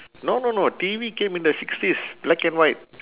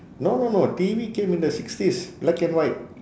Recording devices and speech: telephone, standing microphone, conversation in separate rooms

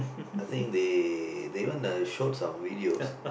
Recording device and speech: boundary microphone, conversation in the same room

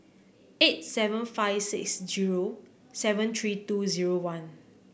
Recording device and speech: boundary microphone (BM630), read sentence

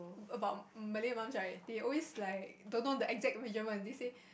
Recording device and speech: boundary microphone, conversation in the same room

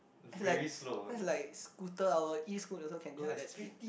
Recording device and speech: boundary microphone, conversation in the same room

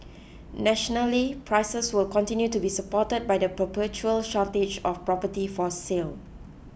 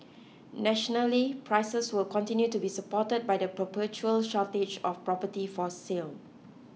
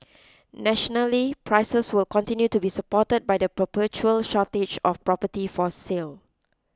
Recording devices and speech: boundary microphone (BM630), mobile phone (iPhone 6), close-talking microphone (WH20), read sentence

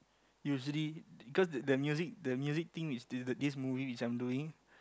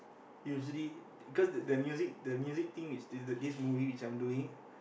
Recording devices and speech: close-talking microphone, boundary microphone, conversation in the same room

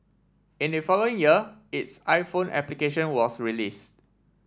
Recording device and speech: standing microphone (AKG C214), read sentence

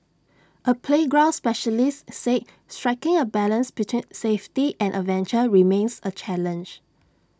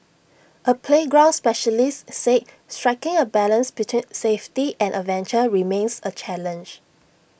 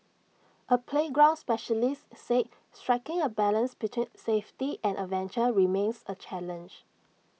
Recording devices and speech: standing microphone (AKG C214), boundary microphone (BM630), mobile phone (iPhone 6), read sentence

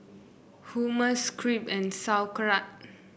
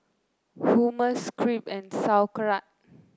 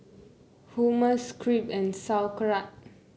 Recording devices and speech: boundary microphone (BM630), close-talking microphone (WH30), mobile phone (Samsung C9), read sentence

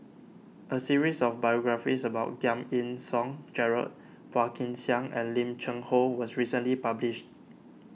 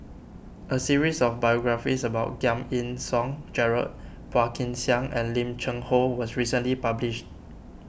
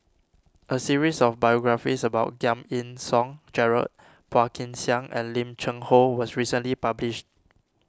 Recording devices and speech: mobile phone (iPhone 6), boundary microphone (BM630), standing microphone (AKG C214), read sentence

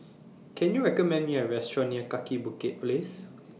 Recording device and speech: mobile phone (iPhone 6), read sentence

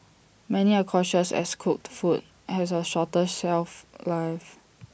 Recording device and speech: boundary microphone (BM630), read sentence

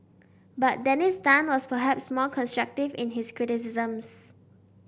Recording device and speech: boundary microphone (BM630), read sentence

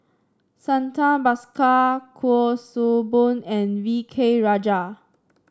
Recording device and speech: standing microphone (AKG C214), read sentence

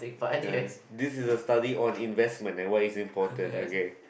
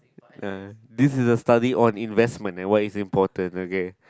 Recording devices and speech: boundary microphone, close-talking microphone, conversation in the same room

